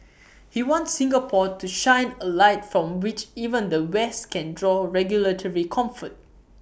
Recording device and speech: boundary microphone (BM630), read sentence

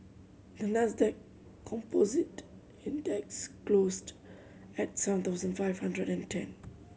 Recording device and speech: mobile phone (Samsung C7100), read sentence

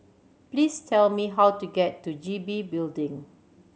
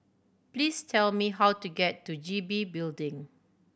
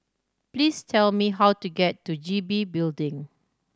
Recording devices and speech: mobile phone (Samsung C7100), boundary microphone (BM630), standing microphone (AKG C214), read sentence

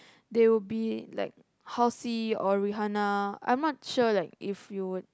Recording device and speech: close-talking microphone, conversation in the same room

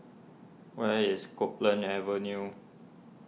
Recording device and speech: mobile phone (iPhone 6), read sentence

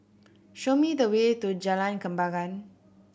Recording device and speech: boundary microphone (BM630), read sentence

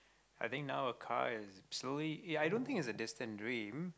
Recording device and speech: close-talking microphone, conversation in the same room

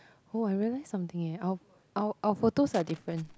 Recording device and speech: close-talking microphone, conversation in the same room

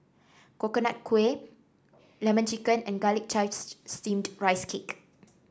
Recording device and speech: standing microphone (AKG C214), read sentence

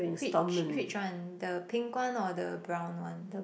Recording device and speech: boundary microphone, conversation in the same room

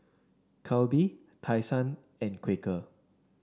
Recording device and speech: standing microphone (AKG C214), read sentence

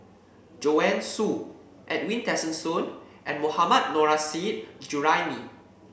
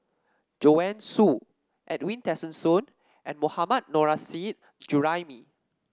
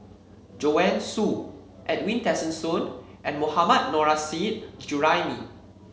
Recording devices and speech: boundary microphone (BM630), standing microphone (AKG C214), mobile phone (Samsung C7), read sentence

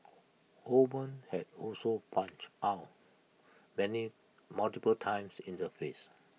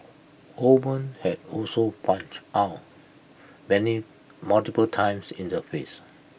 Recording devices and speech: mobile phone (iPhone 6), boundary microphone (BM630), read sentence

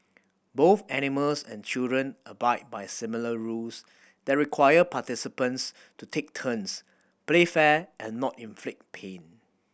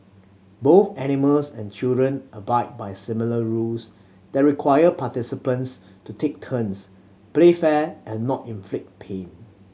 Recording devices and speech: boundary microphone (BM630), mobile phone (Samsung C7100), read sentence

